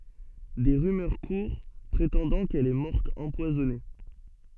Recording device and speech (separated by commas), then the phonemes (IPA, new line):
soft in-ear microphone, read sentence
de ʁymœʁ kuʁ pʁetɑ̃dɑ̃ kɛl ɛ mɔʁt ɑ̃pwazɔne